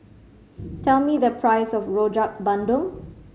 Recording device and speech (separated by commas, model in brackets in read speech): mobile phone (Samsung C5010), read sentence